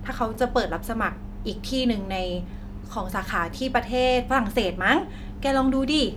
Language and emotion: Thai, happy